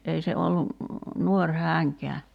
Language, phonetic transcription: Finnish, 'ei se 'ollu , "nuoŕ 'hääŋkeä .
- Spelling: ei se ollut nuori hänkään

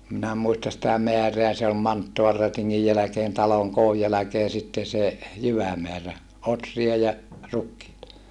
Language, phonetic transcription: Finnish, (em) minä muistas sitä meäreä se ol manttoalrätiŋŋij jäläkeen taloŋ kooj jäläkee sitte se , jyvämeärä , otri₍a ja , rukkiita .
- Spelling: en minä muista sitä määrää se oli manttaalirätingin jälkeen talon koon jälkeen sitten se jyvämäärä ohria ja rukiita

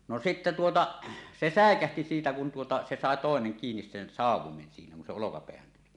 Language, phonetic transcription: Finnish, no sitte 'tuota , 'se "sä̀ekähti 'siitä kun tuota se 'sàe "tòeneŋ kiinis sen "sàuw̆women siinä kun se 'olokapeähän tuli .
- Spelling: no sitten tuota se säikähti siitä kun tuota se sai toinen kiinni sen sauvoimen siinä kun se olkapäähän tuli

